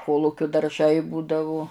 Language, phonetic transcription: Lithuanian, ˈkolukiu darˈžai ˈbūdavu

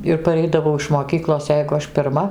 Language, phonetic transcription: Lithuanian, ir paˈreidavau iš moˈkyklos ˈjeigu ˈaš pirˈma

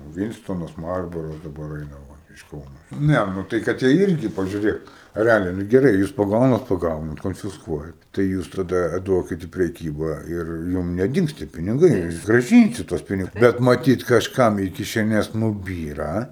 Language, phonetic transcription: Lithuanian, ˈvynstonas ˈmarboras daˈbar ˈaina ˈva iš ˈkauno ˈne nu ˈtai kad ˈjie ˈirgi pažiuˈrėk reˈaliai nu geˈrai ˈjūs paˈgaunat paˈgaunat konfisˈkuojat tai ˈjūs taˈda ˈduokit į preˈkyba ir ˈjum neˈdings tie piniˈgai jūs graˈžynsit tuos ˈpinig ˈbet maˈtyt kažˈkam į kišeˈnes nuˈbyra

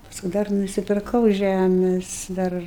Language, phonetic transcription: Lithuanian, ˈpasku ˈdar nusipirˈkau ˈžæmes ˈdar

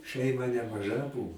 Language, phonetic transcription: Lithuanian, ˈšeima nemaˈža ˈbuvo

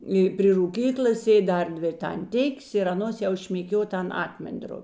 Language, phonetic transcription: Lithuanian, i pri rūˈkyklas ˈsėd' ˈdar ˈdvi ir tanˈtikės ir aˈnos jau šmėˈkiuo ˈten ˈakmen'ˌdropi

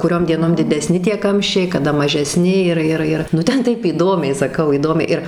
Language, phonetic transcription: Lithuanian, kuˈriom dieˈnom dideˈsni tie ˈkamščiai kaˈda mažeˈsni ˈir ˈir ˈir ˈnu ˈten ˈtaip įˈdomiai saˈkau įˈdomiai ir

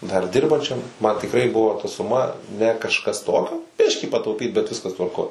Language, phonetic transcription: Lithuanian, dar ˈdirbančiam man tikˈrai ˈbuvo ta suˈma ne kažˈkas ˈtokio ˈbiškį patauˈpyt bet ˈviskas tvarˈkoj

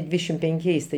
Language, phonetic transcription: Lithuanian, ˈdvydešim penˈkiais tai

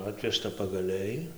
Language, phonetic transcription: Lithuanian, ˈatvežta pagaˈliai

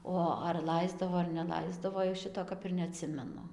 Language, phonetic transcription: Lithuanian, ˈo ar ˈlaisdavo ar neˈlaisdavo jau ˈšito ˈkap ir neaˈtsimenu

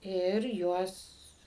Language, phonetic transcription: Lithuanian, ir ˈjuos

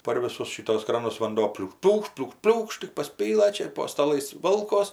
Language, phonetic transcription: Lithuanian, par ˈvisus ˈšituos ˈkranus vanˈdo pliūk ˈpliūkšt pliūk ˈpliūkšt tik paˈspylɘ ˈčia ir po staˈlais ˈvolkos

